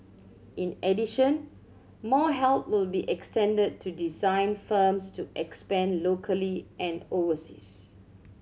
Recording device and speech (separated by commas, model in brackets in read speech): mobile phone (Samsung C7100), read sentence